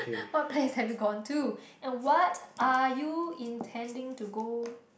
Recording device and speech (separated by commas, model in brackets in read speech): boundary microphone, conversation in the same room